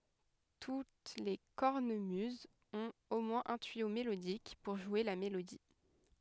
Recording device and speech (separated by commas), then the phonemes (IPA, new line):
headset microphone, read sentence
tut le kɔʁnəmyzz ɔ̃t o mwɛ̃z œ̃ tyijo melodik puʁ ʒwe la melodi